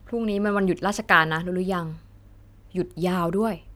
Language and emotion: Thai, neutral